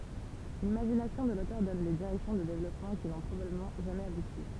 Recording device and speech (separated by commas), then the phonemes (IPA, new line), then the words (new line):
temple vibration pickup, read sentence
limaʒinasjɔ̃ də lotœʁ dɔn de diʁɛksjɔ̃ də devlɔpmɑ̃ ki nɔ̃ pʁobabləmɑ̃ ʒamɛz abuti
L'imagination de l'auteur donne des directions de développement qui n'ont probablement jamais abouti.